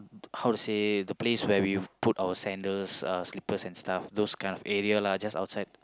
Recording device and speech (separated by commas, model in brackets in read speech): close-talking microphone, conversation in the same room